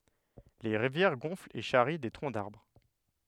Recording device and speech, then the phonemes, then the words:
headset microphone, read sentence
le ʁivjɛʁ ɡɔ̃flt e ʃaʁi de tʁɔ̃ daʁbʁ
Les rivières gonflent et charrient des troncs d’arbres.

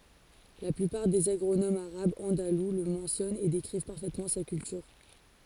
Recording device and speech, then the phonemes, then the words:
forehead accelerometer, read sentence
la plypaʁ dez aɡʁonomz aʁabz ɑ̃dalu lə mɑ̃sjɔnt e dekʁiv paʁfɛtmɑ̃ sa kyltyʁ
La plupart des agronomes arabes andalous le mentionnent et décrivent parfaitement sa culture.

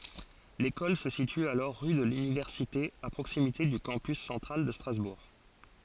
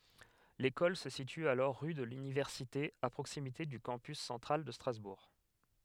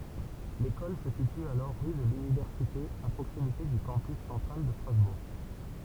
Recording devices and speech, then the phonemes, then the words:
forehead accelerometer, headset microphone, temple vibration pickup, read sentence
lekɔl sə sity alɔʁ ʁy də lynivɛʁsite a pʁoksimite dy kɑ̃pys sɑ̃tʁal də stʁazbuʁ
L'école se situe alors rue de l'Université à proximité du Campus central de Strasbourg.

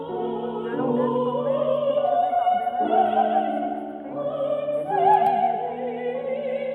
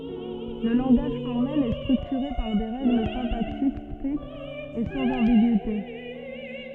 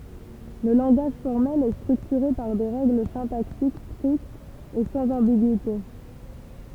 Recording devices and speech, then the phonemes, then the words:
rigid in-ear microphone, soft in-ear microphone, temple vibration pickup, read sentence
lə lɑ̃ɡaʒ fɔʁmɛl ɛ stʁyktyʁe paʁ de ʁɛɡl sɛ̃taksik stʁiktz e sɑ̃z ɑ̃biɡyite
Le langage formel est structuré par des règles syntaxiques strictes et sans ambigüité.

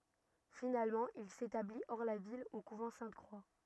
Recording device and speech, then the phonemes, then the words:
rigid in-ear microphone, read sentence
finalmɑ̃ il setabli ɔʁ la vil o kuvɑ̃ sɛ̃tkʁwa
Finalement, il s'établit, hors la ville, au couvent Sainte-Croix.

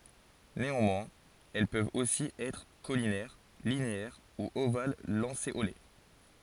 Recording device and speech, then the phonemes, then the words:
forehead accelerometer, read sentence
neɑ̃mwɛ̃z ɛl pøvt osi ɛtʁ kolinɛʁ lineɛʁ u oval lɑ̃seole
Néanmoins, elles peuvent aussi être caulinaires, linéaires ou ovales-lancéolées.

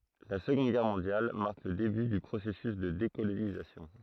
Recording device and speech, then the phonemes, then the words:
throat microphone, read sentence
la səɡɔ̃d ɡɛʁ mɔ̃djal maʁk lə deby dy pʁosɛsys də dekolonizasjɔ̃
La Seconde Guerre mondiale marque le début du processus de décolonisation.

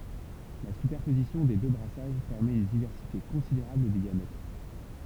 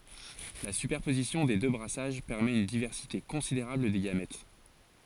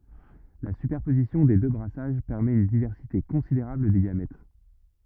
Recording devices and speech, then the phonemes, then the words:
temple vibration pickup, forehead accelerometer, rigid in-ear microphone, read sentence
la sypɛʁpozisjɔ̃ de dø bʁasaʒ pɛʁmɛt yn divɛʁsite kɔ̃sideʁabl de ɡamɛt
La superposition des deux brassages permet une diversité considérable des gamètes.

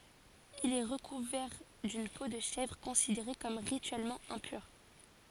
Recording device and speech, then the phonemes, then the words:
forehead accelerometer, read sentence
il ɛ ʁəkuvɛʁ dyn po də ʃɛvʁ kɔ̃sideʁe kɔm ʁityɛlmɑ̃ ɛ̃pyʁ
Il est recouvert d'une peau de chèvre, considérée comme rituellement impure.

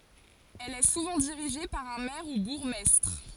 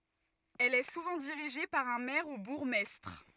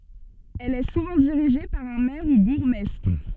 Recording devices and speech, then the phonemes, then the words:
forehead accelerometer, rigid in-ear microphone, soft in-ear microphone, read sentence
ɛl ɛ suvɑ̃ diʁiʒe paʁ œ̃ mɛʁ u buʁɡmɛstʁ
Elle est souvent dirigée par un maire ou bourgmestre.

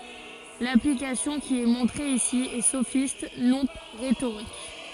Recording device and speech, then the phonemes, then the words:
forehead accelerometer, read sentence
laplikasjɔ̃ ki ɛ mɔ̃tʁe isi ɛ sofist nɔ̃ ʁetoʁik
L'application qui est montrée ici est sophiste non rhétorique.

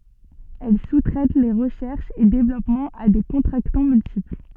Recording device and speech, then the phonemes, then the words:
soft in-ear microphone, read sentence
ɛl su tʁɛt le ʁəʃɛʁʃz e devlɔpmɑ̃z a de kɔ̃tʁaktɑ̃ myltipl
Elle sous-traite les recherches et développements à des contractants multiples.

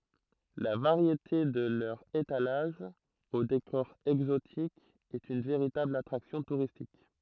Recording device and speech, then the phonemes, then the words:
throat microphone, read sentence
la vaʁjete də lœʁz etalaʒz o dekɔʁ ɛɡzotik ɛt yn veʁitabl atʁaksjɔ̃ tuʁistik
La variété de leurs étalages, au décor exotique, est une véritable attraction touristique.

